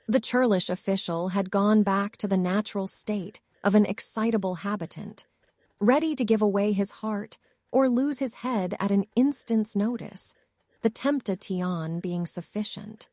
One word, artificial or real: artificial